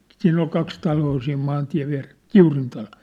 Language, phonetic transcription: Finnish, 'siin ‿ol 'kaks 'taloo siim 'maantiä̭v viä̭res , "Kiurin 'talo(t) .
- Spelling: siinä oli kaksi taloa siinä maantien vieressä Kiurin talot

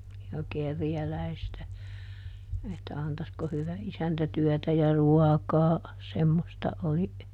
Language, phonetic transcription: Finnish, ja ˈkerjäläistä , että » ˈantasko ˈhyvä ˈisäntä ˈtyɔ̈̀tä ja "ruakaa » , ˈsemmosta ˈoli ,.
- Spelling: ja kerjäläistä että antaisiko hyvä isäntä työtä ja ruokaa semmoista oli

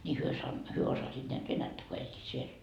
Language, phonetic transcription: Finnish, ni 'hyö san- , 'hyö 'osasit näät "venättä ko 'eĺĺiit 'siel .
- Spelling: niin he - he osasivat näet venäjää kun elivät siellä

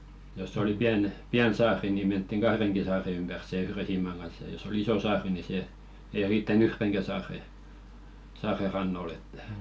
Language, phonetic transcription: Finnish, joss ‿oli 'piän , "piän 'saari ni menttiŋ "ɢahreŋki 'saare ympär se "yhre 'siimaŋ ɢan̬s ja jos ‿o"l ‿iso 'saari ni 'se , ei 'riittä"n ‿yhreŋkä 'saare , saare 'rannol ‿ettᴀ̈ .
- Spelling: jos oli pieni pieni saari niin mentiin kahdenkin saaren ympäri sen yhden siiman kanssa ja jos oli iso saari niin se ei riittänyt yhdenkään saaren saaren rannoille että

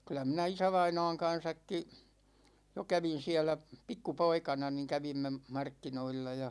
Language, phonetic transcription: Finnish, kyl̆lä 'minä "isävaina̭a̭ŋ 'kan̬säkki , jo 'kävin̬ 'siälä , 'pikku"poikana ni 'kävimme , 'markkinoilla ja .
- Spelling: kyllä minä isävainaan kanssakin jo kävin siellä pikkupoikana niin kävimme markkinoilla ja

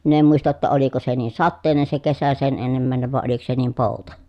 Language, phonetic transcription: Finnish, min ‿em muista ‿tta oliko se niin̬ sattèi̮nen se kesä sen ennemmä̀enev vàe oliko se niim pòuta .
- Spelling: minä en muista jotta oliko se niin sateinen se kesä sen ennemmäinen vai oliko se niin pouta

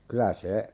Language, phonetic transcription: Finnish, 'kylä 'se , .
- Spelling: kyllä se

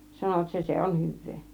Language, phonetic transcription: Finnish, 'sanovat "se 'se "on 'hyv̆vee .
- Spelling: sanoivat se se on hyvää

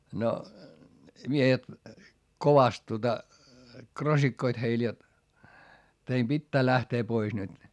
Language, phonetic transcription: Finnish, no , miehet , kovast tuota , krosikkoit heil jot , » teim Bittää lähtee pois nyt » .
- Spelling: no miehet kovasti tuota krossikoivat heille jotta teidän pitää lähteä pois nyt

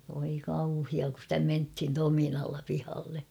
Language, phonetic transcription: Finnish, voi kauhia ku ‿stä menthin 'tominalla 'pihalle .
- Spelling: voi kauhea kun sitä mentiin tominalla pihalle

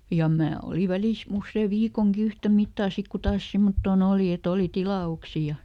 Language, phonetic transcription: Finnish, ja ˈmää ˈoli ˈvälis ˈussee "viikoŋki ˈyhtä mittaa ˈsik ku taas ˈsimmottoo"n ‿ooli eˈt ‿oli ˈtila₍uksi ja ,.
- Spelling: ja minä olin välissä usean viikonkin yhtä mittaa sitten kun taas semmottoon oli että oli tilauksia ja

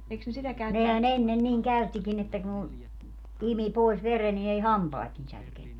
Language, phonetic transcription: Finnish, 'nehä"n ‿ennen niiŋ 'käyttikin ‿että ku , 'imi 'pòis "vere ni ei "hampaat ni särkenny .
- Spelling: nehän ennen niin käyttikin että kun imi pois veren niin ei hampaat niin särkenyt

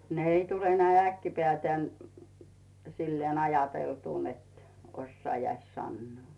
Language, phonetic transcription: Finnish, ne ‿'ei tule 'näi "äkki'pᵉä̀tän , 'silleen "ajateltù net , 'ossaajais "sannᵘò .
- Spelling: ne ei tule näin äkkipäätään sillä lailla ajateltua että osaisi sanoa

